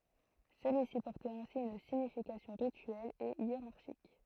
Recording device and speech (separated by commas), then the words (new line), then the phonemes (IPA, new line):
throat microphone, read sentence
Celui-ci portait ainsi une signification rituelle et hiérarchique.
səlyi si pɔʁtɛt ɛ̃si yn siɲifikasjɔ̃ ʁityɛl e jeʁaʁʃik